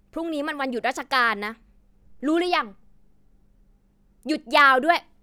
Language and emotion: Thai, angry